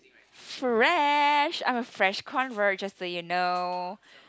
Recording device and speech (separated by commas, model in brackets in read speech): close-talking microphone, conversation in the same room